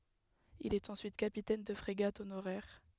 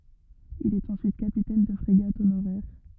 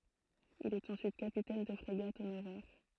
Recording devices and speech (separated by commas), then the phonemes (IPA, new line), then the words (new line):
headset microphone, rigid in-ear microphone, throat microphone, read sentence
il ɛt ɑ̃syit kapitɛn də fʁeɡat onoʁɛʁ
Il est ensuite capitaine de frégate honoraire.